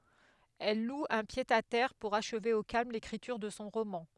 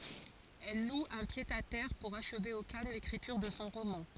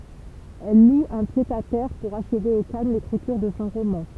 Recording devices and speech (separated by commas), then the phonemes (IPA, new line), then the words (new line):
headset microphone, forehead accelerometer, temple vibration pickup, read sentence
ɛl lu œ̃ pjədatɛʁ puʁ aʃve o kalm lekʁityʁ də sɔ̃ ʁomɑ̃
Elle loue un pied-à-terre pour achever au calme l’écriture de son roman.